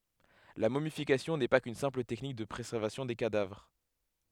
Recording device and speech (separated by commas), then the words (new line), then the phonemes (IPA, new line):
headset microphone, read sentence
La momification n'est pas qu'une simple technique de préservation des cadavres.
la momifikasjɔ̃ nɛ pa kyn sɛ̃pl tɛknik də pʁezɛʁvasjɔ̃ de kadavʁ